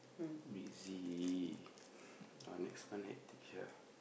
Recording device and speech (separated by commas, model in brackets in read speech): boundary microphone, conversation in the same room